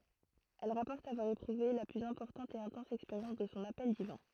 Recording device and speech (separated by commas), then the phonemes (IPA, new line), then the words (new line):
throat microphone, read sentence
ɛl ʁapɔʁt avwaʁ epʁuve la plyz ɛ̃pɔʁtɑ̃t e ɛ̃tɑ̃s ɛkspeʁjɑ̃s də sɔ̃ apɛl divɛ̃
Elle rapporte avoir éprouvé la plus importante et intense expérience de son appel divin.